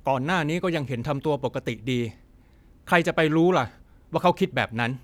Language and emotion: Thai, frustrated